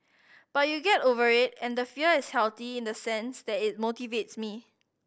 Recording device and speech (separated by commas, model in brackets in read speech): boundary microphone (BM630), read sentence